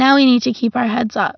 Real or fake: real